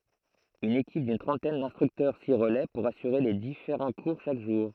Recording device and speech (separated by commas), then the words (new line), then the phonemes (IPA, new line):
throat microphone, read sentence
Une équipe d'une trentaine d'instructeurs s'y relaie pour assurer les différents cours chaque jour.
yn ekip dyn tʁɑ̃tɛn dɛ̃stʁyktœʁ si ʁəlɛ puʁ asyʁe le difeʁɑ̃ kuʁ ʃak ʒuʁ